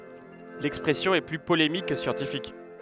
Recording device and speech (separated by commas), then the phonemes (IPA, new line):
headset microphone, read sentence
lɛkspʁɛsjɔ̃ ɛ ply polemik kə sjɑ̃tifik